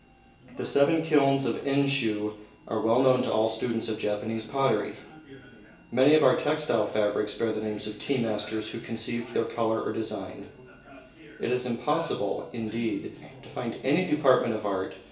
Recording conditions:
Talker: one person; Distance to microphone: 1.8 m; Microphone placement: close; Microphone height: 1.0 m; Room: large; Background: television

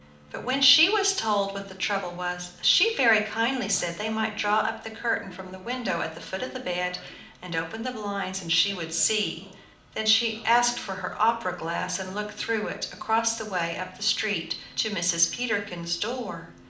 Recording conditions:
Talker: one person; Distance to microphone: 2.0 m; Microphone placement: close; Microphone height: 99 cm; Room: medium-sized (5.7 m by 4.0 m); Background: television

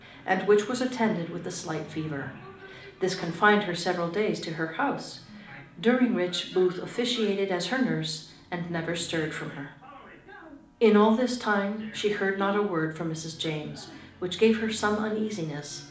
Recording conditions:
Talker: one person; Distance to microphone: 2.0 m; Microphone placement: close; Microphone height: 99 cm; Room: medium-sized (5.7 m by 4.0 m); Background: television

